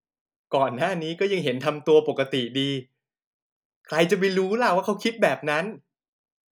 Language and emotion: Thai, frustrated